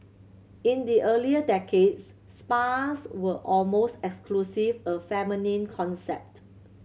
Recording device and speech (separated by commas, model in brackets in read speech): mobile phone (Samsung C7100), read sentence